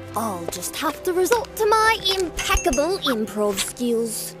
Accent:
british accent